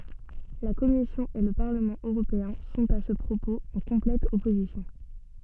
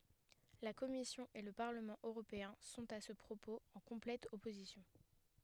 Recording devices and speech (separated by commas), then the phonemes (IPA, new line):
soft in-ear microphone, headset microphone, read sentence
la kɔmisjɔ̃ e lə paʁləmɑ̃ øʁopeɛ̃ sɔ̃t a sə pʁopoz ɑ̃ kɔ̃plɛt ɔpozisjɔ̃